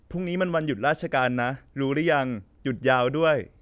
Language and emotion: Thai, neutral